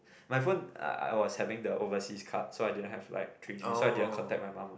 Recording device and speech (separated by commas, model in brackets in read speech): boundary microphone, conversation in the same room